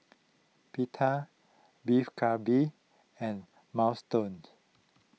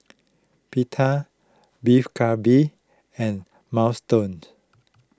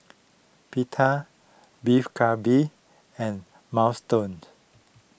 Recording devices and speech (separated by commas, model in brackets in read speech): mobile phone (iPhone 6), close-talking microphone (WH20), boundary microphone (BM630), read sentence